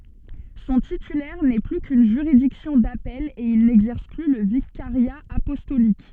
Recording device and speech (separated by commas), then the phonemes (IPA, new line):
soft in-ear microphone, read sentence
sɔ̃ titylɛʁ nɛ ply kyn ʒyʁidiksjɔ̃ dapɛl e il nɛɡzɛʁs ply lə vikaʁja apɔstolik